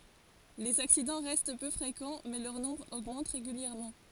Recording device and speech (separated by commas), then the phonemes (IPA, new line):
forehead accelerometer, read sentence
lez aksidɑ̃ ʁɛst pø fʁekɑ̃ mɛ lœʁ nɔ̃bʁ oɡmɑ̃t ʁeɡyljɛʁmɑ̃